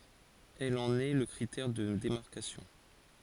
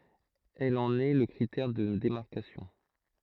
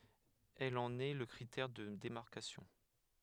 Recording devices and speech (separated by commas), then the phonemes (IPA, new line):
forehead accelerometer, throat microphone, headset microphone, read sentence
ɛl ɑ̃n ɛ lə kʁitɛʁ də demaʁkasjɔ̃